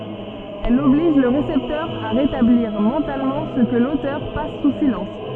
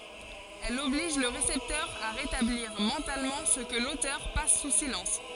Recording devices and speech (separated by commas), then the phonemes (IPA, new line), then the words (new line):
soft in-ear microphone, forehead accelerometer, read sentence
ɛl ɔbliʒ lə ʁesɛptœʁ a ʁetabliʁ mɑ̃talmɑ̃ sə kə lotœʁ pas su silɑ̃s
Elle oblige le récepteur à rétablir mentalement ce que l’auteur passe sous silence.